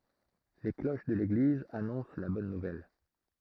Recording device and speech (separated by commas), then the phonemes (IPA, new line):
throat microphone, read sentence
le kloʃ də leɡliz anɔ̃s la bɔn nuvɛl